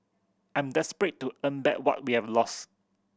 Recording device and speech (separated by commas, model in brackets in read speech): boundary microphone (BM630), read sentence